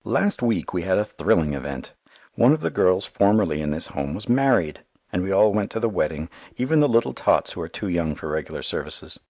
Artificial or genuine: genuine